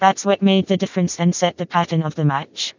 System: TTS, vocoder